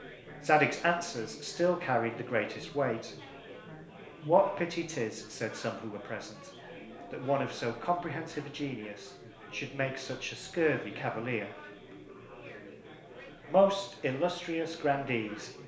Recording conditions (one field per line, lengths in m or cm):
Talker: one person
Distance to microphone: 1.0 m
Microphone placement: close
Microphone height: 1.1 m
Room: small (3.7 m by 2.7 m)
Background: babble